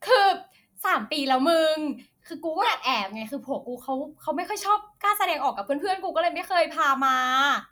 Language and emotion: Thai, happy